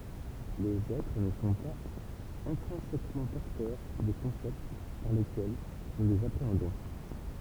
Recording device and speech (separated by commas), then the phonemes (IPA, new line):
temple vibration pickup, read sentence
lez ɛtʁ nə sɔ̃ paz ɛ̃tʁɛ̃sɛkmɑ̃ pɔʁtœʁ de kɔ̃sɛpt paʁ lekɛl nu lez apʁeɑ̃dɔ̃